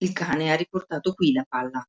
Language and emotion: Italian, neutral